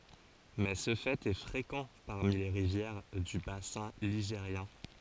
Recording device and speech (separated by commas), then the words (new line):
forehead accelerometer, read sentence
Mais ce fait est fréquent parmi les rivières du bassin ligérien.